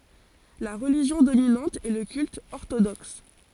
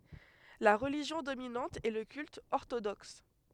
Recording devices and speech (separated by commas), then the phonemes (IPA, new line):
forehead accelerometer, headset microphone, read sentence
la ʁəliʒjɔ̃ dominɑ̃t ɛ lə kylt ɔʁtodɔks